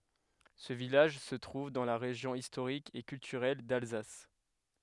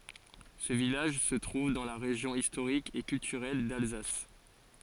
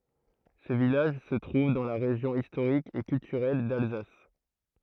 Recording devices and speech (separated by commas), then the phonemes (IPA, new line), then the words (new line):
headset microphone, forehead accelerometer, throat microphone, read sentence
sə vilaʒ sə tʁuv dɑ̃ la ʁeʒjɔ̃ istoʁik e kyltyʁɛl dalzas
Ce village se trouve dans la région historique et culturelle d'Alsace.